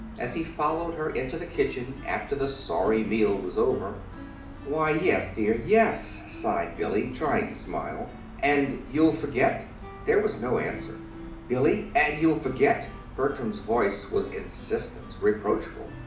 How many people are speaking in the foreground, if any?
One person.